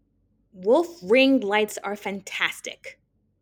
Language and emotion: English, angry